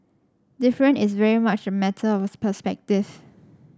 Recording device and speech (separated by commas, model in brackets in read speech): standing microphone (AKG C214), read sentence